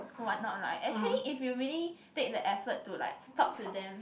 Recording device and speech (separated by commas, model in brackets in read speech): boundary microphone, conversation in the same room